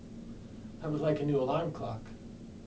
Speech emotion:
neutral